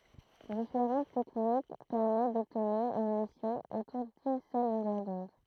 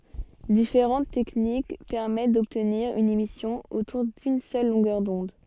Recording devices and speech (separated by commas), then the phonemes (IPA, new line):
throat microphone, soft in-ear microphone, read sentence
difeʁɑ̃t tɛknik pɛʁmɛt dɔbtniʁ yn emisjɔ̃ otuʁ dyn sœl lɔ̃ɡœʁ dɔ̃d